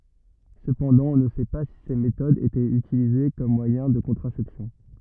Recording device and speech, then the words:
rigid in-ear microphone, read sentence
Cependant on ne sait pas si ces méthodes étaient utilisées comme moyen de contraception.

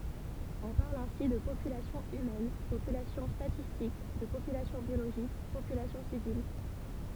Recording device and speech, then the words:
temple vibration pickup, read sentence
On parle ainsi de population humaine, population statistique, de population biologique, population civile, etc.

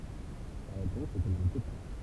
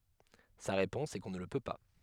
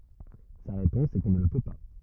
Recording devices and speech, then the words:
temple vibration pickup, headset microphone, rigid in-ear microphone, read sentence
Sa réponse est qu'on ne le peut pas.

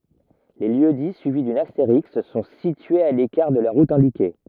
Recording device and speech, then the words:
rigid in-ear microphone, read sentence
Les lieux-dits suivis d'une astérisque sont situés à l'écart de la route indiquée.

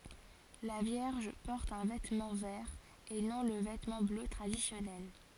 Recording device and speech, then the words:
forehead accelerometer, read sentence
La Vierge porte un vêtement vert et non le vêtement bleu traditionnel.

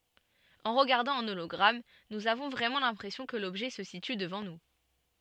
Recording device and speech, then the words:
soft in-ear microphone, read sentence
En regardant un hologramme, nous avons vraiment l'impression que l'objet se situe devant nous.

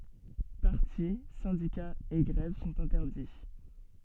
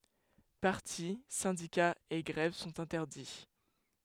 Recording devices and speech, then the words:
soft in-ear microphone, headset microphone, read sentence
Partis, syndicats et grèves sont interdits.

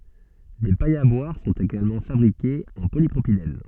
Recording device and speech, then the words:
soft in-ear microphone, read sentence
Des pailles à boire sont également fabriquées en polypropylène.

